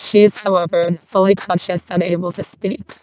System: VC, vocoder